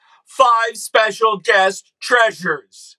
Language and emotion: English, sad